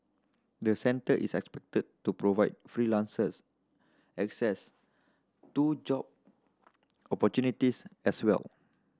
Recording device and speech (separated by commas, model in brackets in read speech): standing microphone (AKG C214), read sentence